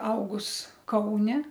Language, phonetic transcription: Lithuanian, ˈaugus ˈkaune

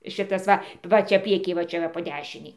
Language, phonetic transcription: Lithuanian, ˈšitas ˈva ˈva ˈčia ˈprieky va ˈčia va po ˈdešinei

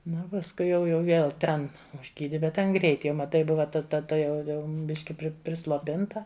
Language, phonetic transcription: Lithuanian, ˈnu o pasˈkui jau jau ˈvėl ˈten užˈgydi bet ˈten ˈgreit ˈjau maˈtai ˈbuva ta ˈta tuˈjau ˈbiški prisloˈpinta

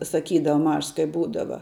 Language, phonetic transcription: Lithuanian, saˈkydava ˈmažs kai ˈbūdava

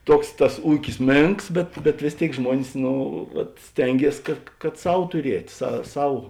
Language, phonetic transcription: Lithuanian, ˈtuoks tas ˈūkis ˈmėnks ˈbet bet vės ˈtėik ˈžmuonis ˈno vat ˈstengies kad kad ˈsau tuˈriet' sa ˈsau

